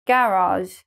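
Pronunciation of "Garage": The last sound in 'garage' is a very French-sounding one.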